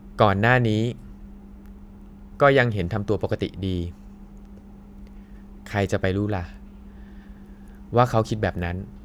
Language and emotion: Thai, neutral